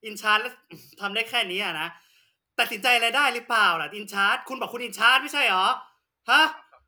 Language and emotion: Thai, angry